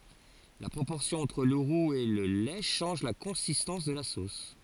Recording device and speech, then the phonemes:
forehead accelerometer, read sentence
la pʁopɔʁsjɔ̃ ɑ̃tʁ lə ʁuz e lə lɛ ʃɑ̃ʒ la kɔ̃sistɑ̃s də la sos

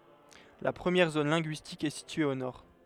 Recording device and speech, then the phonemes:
headset microphone, read sentence
la pʁəmjɛʁ zon lɛ̃ɡyistik ɛ sitye o nɔʁ

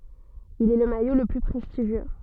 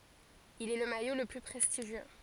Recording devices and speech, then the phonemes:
soft in-ear microphone, forehead accelerometer, read sentence
il ɛ lə majo lə ply pʁɛstiʒjø

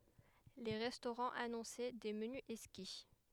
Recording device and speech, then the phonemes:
headset microphone, read sentence
le ʁɛstoʁɑ̃z anɔ̃sɛ de məny ɛkski

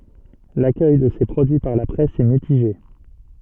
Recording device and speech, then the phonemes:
soft in-ear microphone, read sentence
lakœj də se pʁodyi paʁ la pʁɛs ɛ mitiʒe

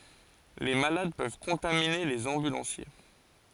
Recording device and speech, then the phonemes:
forehead accelerometer, read sentence
le malad pøv kɔ̃tamine lez ɑ̃bylɑ̃sje

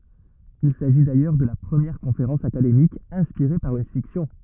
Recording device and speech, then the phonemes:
rigid in-ear microphone, read sentence
il saʒi dajœʁ də la pʁəmjɛʁ kɔ̃feʁɑ̃s akademik ɛ̃spiʁe paʁ yn fiksjɔ̃

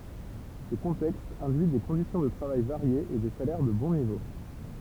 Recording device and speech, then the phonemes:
temple vibration pickup, read sentence
sə kɔ̃tɛkst ɛ̃dyi de kɔ̃disjɔ̃ də tʁavaj vaʁjez e de salɛʁ də bɔ̃ nivo

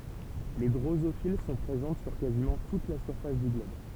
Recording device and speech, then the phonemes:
temple vibration pickup, read sentence
le dʁozofil sɔ̃ pʁezɑ̃t syʁ kazimɑ̃ tut la syʁfas dy ɡlɔb

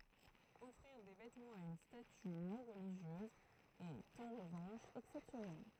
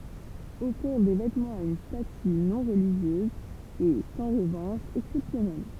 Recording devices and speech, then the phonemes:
throat microphone, temple vibration pickup, read sentence
ɔfʁiʁ de vɛtmɑ̃z a yn staty nɔ̃ ʁəliʒjøz ɛt ɑ̃ ʁəvɑ̃ʃ ɛksɛpsjɔnɛl

